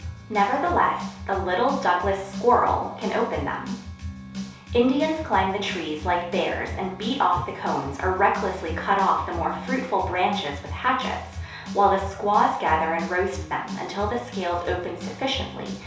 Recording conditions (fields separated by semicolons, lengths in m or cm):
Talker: one person; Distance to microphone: 3.0 m; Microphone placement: far; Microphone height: 1.8 m; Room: small (3.7 m by 2.7 m); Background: music